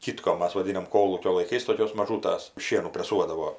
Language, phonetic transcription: Lithuanian, ˈkitkom ˈmas vaˈdinam ˈkolūkio laiˈkais toˈkios maˈžūtas ˈšienų preˈsuodavo

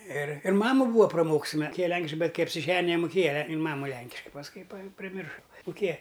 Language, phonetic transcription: Lithuanian, ir ir ˈmamu ˈbūa praˈmokus jin muˈkėja ˈlenkiškai ˈbet ˈkai apsiˈženija nemuˈkėja in ˈmamu ˈlenkiškai pasˈkui pa priˈmirša muˈkėja

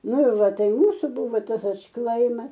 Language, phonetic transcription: Lithuanian, ˈnu ir ˈva ˈtai ˈmūsu ˈbuvo ˈtas atšˈklaimas

